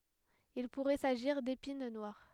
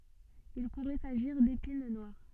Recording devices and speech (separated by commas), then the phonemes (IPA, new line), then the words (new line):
headset microphone, soft in-ear microphone, read sentence
il puʁɛ saʒiʁ depin nwaʁ
Il pourrait s'agir d'épine noire.